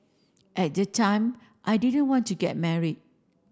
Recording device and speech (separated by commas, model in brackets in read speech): standing microphone (AKG C214), read sentence